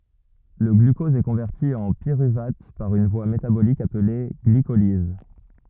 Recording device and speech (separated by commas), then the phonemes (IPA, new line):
rigid in-ear microphone, read sentence
lə ɡlykɔz ɛ kɔ̃vɛʁti ɑ̃ piʁyvat paʁ yn vwa metabolik aple ɡlikoliz